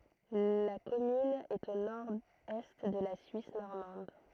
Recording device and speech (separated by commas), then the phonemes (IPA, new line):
throat microphone, read sentence
la kɔmyn ɛt o noʁɛst də la syis nɔʁmɑ̃d